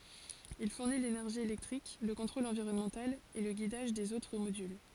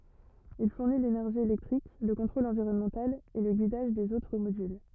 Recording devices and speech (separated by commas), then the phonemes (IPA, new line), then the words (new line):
forehead accelerometer, rigid in-ear microphone, read sentence
il fuʁni lenɛʁʒi elɛktʁik lə kɔ̃tʁol ɑ̃viʁɔnmɑ̃tal e lə ɡidaʒ dez otʁ modyl
Il fournit l'énergie électrique, le contrôle environnemental et le guidage des autres modules.